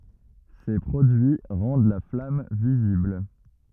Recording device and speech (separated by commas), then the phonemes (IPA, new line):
rigid in-ear microphone, read sentence
se pʁodyi ʁɑ̃d la flam vizibl